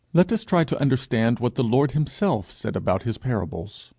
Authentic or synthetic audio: authentic